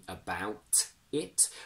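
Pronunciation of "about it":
In 'about it', the t at the end of 'about' is kept, because it's followed by a vowel.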